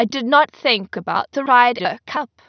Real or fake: fake